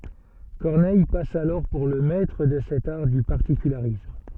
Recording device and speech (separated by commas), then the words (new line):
soft in-ear microphone, read sentence
Corneille passe alors pour le maître de cet art du particularisme.